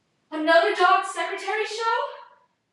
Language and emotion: English, fearful